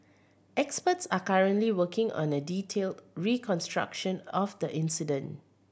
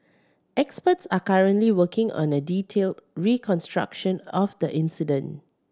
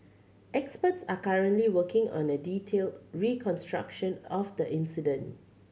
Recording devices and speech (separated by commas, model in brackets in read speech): boundary microphone (BM630), standing microphone (AKG C214), mobile phone (Samsung C7100), read sentence